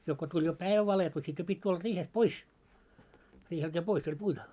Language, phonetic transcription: Finnish, jo ko tuĺ jo "päivä 'valetu sit jo 'pit́ tulla 'riihest "pois , riihelt jo 'pois oĺ puita- ,.
- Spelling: jo kun tuli jo päivä valkeni sitten jo piti tulla riihestä pois riiheltä jo pois oli -

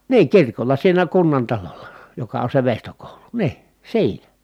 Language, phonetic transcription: Finnish, nii kirkol̀a siinä kunnantalolla , joka on se vèistokòulu , nii , siinä .
- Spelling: niin kirkolla siinä kunnantalolla joka on se veistokoulu niin siinä

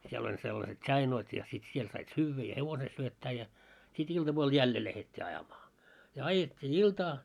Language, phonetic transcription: Finnish, siel ‿oĺ sellaset "ts̆ainoit ja sit 'siel sait 'syyvvä ja "hevose syöttää ja , sit 'iltapuol "jälle lähet́t́i 'ajamaa , ja "ajet́t́ii "iltaa .
- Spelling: siellä oli sellaiset tsainoit ja sitten siellä sait syödä ja hevosen syöttää ja sitten iltapuolella jälleen lähdettiin ajamaan ja ajettiin iltaa

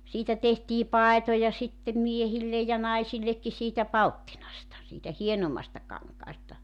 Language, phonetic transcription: Finnish, 'siitä tehtii "paetoja sittem 'miehillej ja 'naisillekki siitä "palttinasta , siitä 'hienommasta 'kaŋkaasta .
- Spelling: siitä tehtiin paitoja sitten miehille ja naisillekin siitä palttinasta siitä hienommasta kankaasta

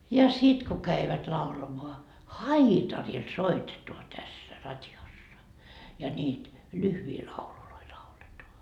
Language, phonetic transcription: Finnish, ja 'sit ku käivät laulamoa , "haitaril "soitetua 'tässä 'rat́jossa , ja ńiit , 'lyhvii laululoi 'lauletoa .
- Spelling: ja sitten kun kävivät laulamaan haitarilla soitetaan tässä radiossa ja niitä lyhyitä lauluja lauletaan

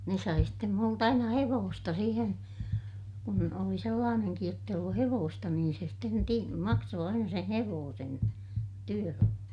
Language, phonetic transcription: Finnish, ne sai stem mult ‿aina hevoosta siihen , kun oli sellaaneŋkij jott ‿eij ollu hevoosta niin se sten ti- , maksoo aina sen̬ hevoosen , työllä .
- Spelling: ne sai sitten minulta aina hevosta siihen kun oli sellainenkin jotta ei ollut hevosta niin se sitten - maksoi aina sen hevosen työllä

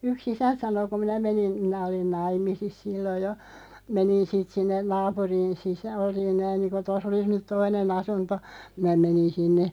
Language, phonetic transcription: Finnish, 'yk's ‿isänᵗ sano ku "minä 'menin , 'minä olin "naim̆misis 'silloj jo , 'menin siit 'sinnen "naapuriin sisᴀ̈- olin 'näin niiŋku 'tos ‿olis nyt 'toine'n ‿asunto , 'minä 'menin 'sinne ,.
- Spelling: yksi isäntä sanoi kun minä menin minä olin naimisissa silloin jo menin siitä sinne naapuriin - olin näin niin kuin tuossa olisi nyt toinen asunto minä menin sinne

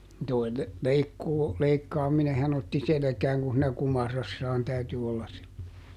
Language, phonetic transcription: Finnish, toi ‿l- , "leikkuu , "leikkaaminehan ‿otti "selᵉkääŋ kun̬ siinä "kumarassaan täyty ˈollas sil- .
- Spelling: tuo - leikkuu leikkaaminenhan otti selkään kun siinä kumarassaan täytyi olla -

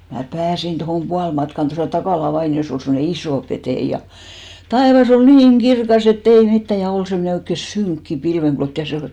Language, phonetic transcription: Finnish, mä "pääsin tohòm 'pualmatkan tosà "Takàla 'vaini₍os ‿ol semmᵒne "isò 'peteiʲ ja , 'taevas ‿ol "niis ‿et't ‿ei 'mittä ja 'ol semmᵒne oikke "syŋkki 'pilveŋɢlot ja se ol ,.
- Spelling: minä pääsin tuohon puolimatkaan tuossa Takalan vainiossa oli semmoinen iso petäjä ja taivas oli niin että ei mitään ja oli semmoinen oikein synkkä pilvenklotti ja se oli

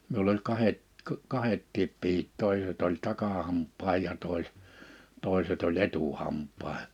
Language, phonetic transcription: Finnish, 'miull ‿oĺ 'kahet , k- , 'kahettiip 'pihit 'tòiset oĺ 'takahamp̆paaj ja tòise- , 'tòiset ‿oĺ 'etuhamp̆pae(he) .
- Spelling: minulla oli kahdet - kahdetkin pihdit toiset oli takahampaan ja - toiset oli etuhampaisiin

